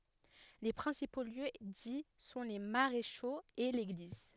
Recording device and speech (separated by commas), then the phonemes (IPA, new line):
headset microphone, read sentence
le pʁɛ̃sipo ljø di sɔ̃ le maʁeʃoz e leɡliz